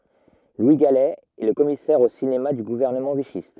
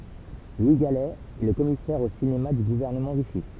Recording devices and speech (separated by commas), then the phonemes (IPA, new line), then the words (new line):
rigid in-ear microphone, temple vibration pickup, read sentence
lwi ɡalɛ ɛ lə kɔmisɛʁ o sinema dy ɡuvɛʁnəmɑ̃ viʃist
Louis Galey est le commissaire au cinéma du gouvernement vichyste.